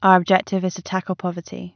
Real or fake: real